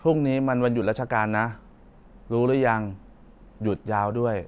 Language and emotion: Thai, frustrated